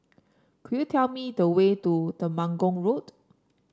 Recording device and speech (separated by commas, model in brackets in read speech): standing microphone (AKG C214), read sentence